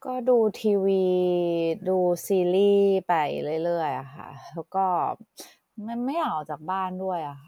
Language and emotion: Thai, frustrated